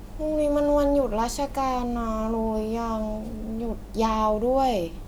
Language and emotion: Thai, neutral